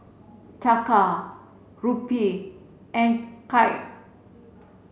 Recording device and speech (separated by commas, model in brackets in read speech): mobile phone (Samsung C7), read sentence